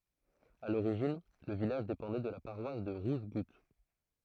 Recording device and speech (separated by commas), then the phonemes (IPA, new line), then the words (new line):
throat microphone, read sentence
a loʁiʒin lə vilaʒ depɑ̃dɛ də la paʁwas də ʁuʒɡut
À l'origine, le village dépendait de la paroisse de Rougegoutte.